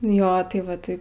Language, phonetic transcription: Lithuanian, jo tai ˈva tai

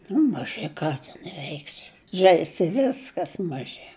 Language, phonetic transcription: Lithuanian, nu maˈži ˈką ten ˈveiksi ˈžeisi i ˈviskas maˈži

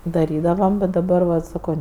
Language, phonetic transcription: Lithuanian, daˈrydavam bet daˈbar vat saˈko

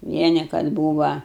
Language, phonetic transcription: Lithuanian, ˈvieni kad ˈbūva

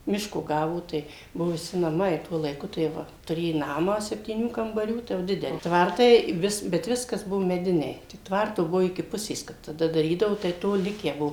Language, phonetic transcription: Lithuanian, ˈmiško ˈgavo ˈtai ˈbuvu viˈsi naˈmai ˈtuo laiˈku tai ˈva tuˈrė ˈnamą septyˈnių kambaˈrių ˈtai jau ˈdideli ˈtvartai ˈvis bet ˈviskas ˈbuvo meˈdiniai ˈtvarto ˈbuvo iki ˈpusės ˈkap taˈda daˈrydavo tai ˈto ˈlikę ˈbuo

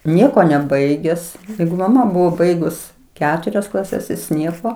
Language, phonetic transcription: Lithuanian, ˈnieko neˈbaiges ˈjeigu maˈma ˈbuvo ˈbaigus ˈketurias klaˈses ˈjis ˈnieko

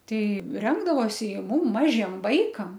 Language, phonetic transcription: Lithuanian, ˈtei ˈrengdavosi i ˈmum ˈmažiem ˈvaikam

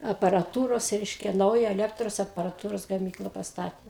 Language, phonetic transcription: Lithuanian, aparaˈtūros ˈreiškia ˈnauja eˈlektros aparaˈtūros gaˈmykla pasˈtatė

